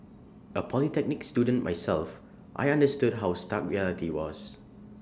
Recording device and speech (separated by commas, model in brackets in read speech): standing microphone (AKG C214), read sentence